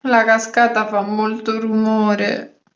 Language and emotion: Italian, sad